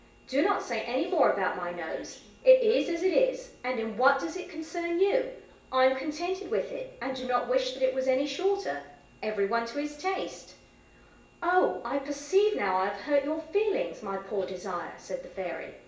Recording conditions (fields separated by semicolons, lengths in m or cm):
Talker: one person; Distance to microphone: 1.8 m; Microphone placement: close; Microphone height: 1.0 m; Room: large; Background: television